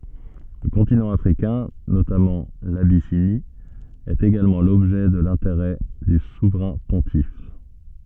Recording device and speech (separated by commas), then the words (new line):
soft in-ear microphone, read sentence
Le continent africain, notamment l’Abyssinie, est également l’objet de l’intérêt du souverain pontife.